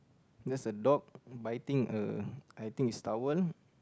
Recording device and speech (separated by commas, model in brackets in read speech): close-talking microphone, conversation in the same room